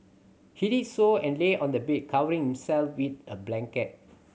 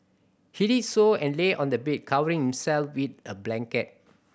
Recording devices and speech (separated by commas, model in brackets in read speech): mobile phone (Samsung C7100), boundary microphone (BM630), read sentence